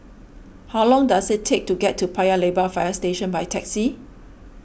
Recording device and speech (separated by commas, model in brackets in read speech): boundary microphone (BM630), read sentence